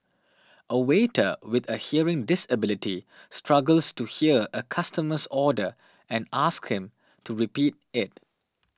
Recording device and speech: standing microphone (AKG C214), read sentence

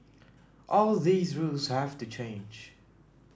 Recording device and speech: standing microphone (AKG C214), read sentence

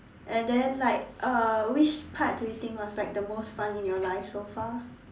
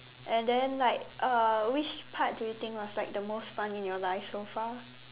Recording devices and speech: standing microphone, telephone, conversation in separate rooms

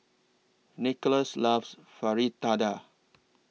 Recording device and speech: mobile phone (iPhone 6), read sentence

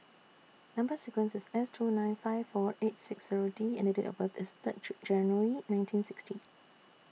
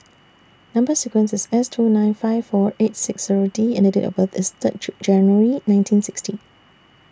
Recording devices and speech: mobile phone (iPhone 6), standing microphone (AKG C214), read sentence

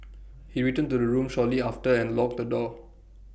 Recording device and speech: boundary microphone (BM630), read sentence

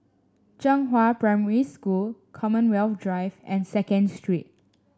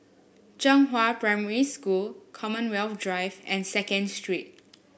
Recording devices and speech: standing microphone (AKG C214), boundary microphone (BM630), read sentence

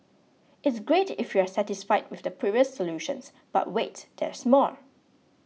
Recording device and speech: mobile phone (iPhone 6), read sentence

